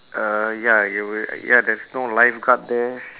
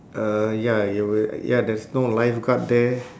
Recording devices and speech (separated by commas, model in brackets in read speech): telephone, standing microphone, conversation in separate rooms